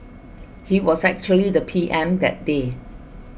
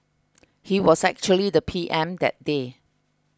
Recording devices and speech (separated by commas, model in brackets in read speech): boundary microphone (BM630), close-talking microphone (WH20), read sentence